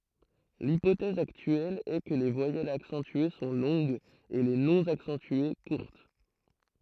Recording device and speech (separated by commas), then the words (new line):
throat microphone, read sentence
L'hypothèse actuelle est que les voyelles accentuées sont longues et les non accentuées courtes.